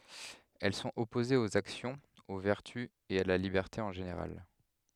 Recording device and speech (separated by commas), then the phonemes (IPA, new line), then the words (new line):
headset microphone, read sentence
ɛl sɔ̃t ɔpozez oz aksjɔ̃z o vɛʁty e a la libɛʁte ɑ̃ ʒeneʁal
Elles sont opposées aux actions, aux vertus et à la liberté en général.